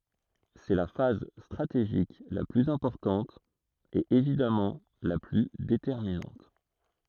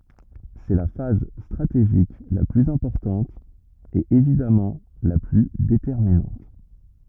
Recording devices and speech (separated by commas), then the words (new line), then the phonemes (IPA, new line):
throat microphone, rigid in-ear microphone, read sentence
C'est la phase stratégique la plus importante, et évidemment la plus déterminante.
sɛ la faz stʁateʒik la plyz ɛ̃pɔʁtɑ̃t e evidamɑ̃ la ply detɛʁminɑ̃t